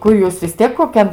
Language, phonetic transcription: Lithuanian, ˈkur jūs vis ˈtiek koˈkian

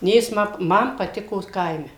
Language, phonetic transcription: Lithuanian, ˈnė ˈjis ˈma ˈman paˈtiko ˈkaime

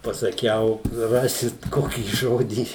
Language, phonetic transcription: Lithuanian, pasaˈkiau ˈrasit ˈkokį ˈžodį

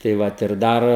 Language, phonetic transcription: Lithuanian, tai ˈvat ir ˈdar

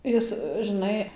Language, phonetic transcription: Lithuanian, ˈjis žɨˈnai

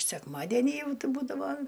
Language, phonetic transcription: Lithuanian, sekmaˈdeni ˈjau ˈti ˈbūdavo

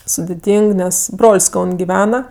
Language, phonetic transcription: Lithuanian, sudiˈtyng ˈnes ˈbrol's' ˈkaun' giˈvena

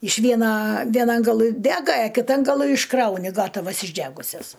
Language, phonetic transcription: Lithuanian, iš ˈviena ˈvienan gaˈlɨ ˈdega a kiˈtan gaˈlɨ išˈkrauni ˈgatavas išˈdægusias

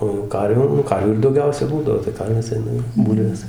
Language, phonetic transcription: Lithuanian, o jau ˈkarvių nu ˈkarvių ir dauˈgiausia ˈbūdavo tai ˈkarvės ˈaina jau ˈbūlvės

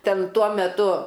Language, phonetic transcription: Lithuanian, ˈten ˈtuo meˈtu

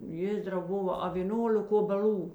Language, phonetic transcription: Lithuanian, ˈjėzdrau ˈbova a vė ˈnuolek obeˈl'ų

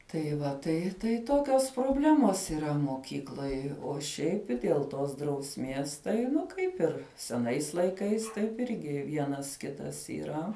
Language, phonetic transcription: Lithuanian, tai ˈva ˈtai tai ˈtokios proˈblemos yˈra moˈkykloj o ˈšiaip i ˈdėl ˈtos drausˈmies tai ˈnu ˈkaip ir seˈnais laiˈkais taip ˈirgi ˈvienas ˈkitas yˈra

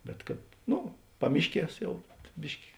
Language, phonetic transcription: Lithuanian, bet kad ˈnu ˈpamišˌkies ˈjau ˈbiški

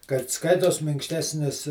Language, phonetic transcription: Lithuanian, kad ˈskaitos minkšˈtesnis

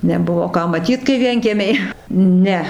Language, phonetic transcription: Lithuanian, neˈbuvo ˈką maˈtyt kai ˈvienkiemiai ˈne

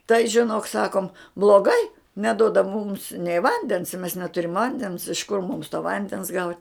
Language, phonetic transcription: Lithuanian, tai žiˈnok ˈsakom bloˈgai neˈdoda mums nei ˈvandens mes neˈturim ˈvandens iš kur mums to ˈvandens gaut'

